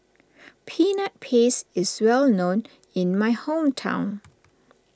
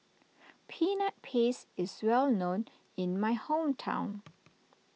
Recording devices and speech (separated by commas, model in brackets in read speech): standing microphone (AKG C214), mobile phone (iPhone 6), read sentence